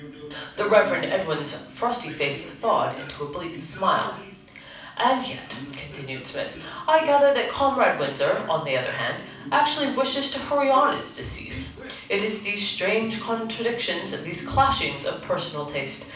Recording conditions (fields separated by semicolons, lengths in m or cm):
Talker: one person; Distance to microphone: 5.8 m; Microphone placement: far; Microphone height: 1.8 m; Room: medium-sized (5.7 m by 4.0 m); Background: television